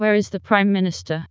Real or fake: fake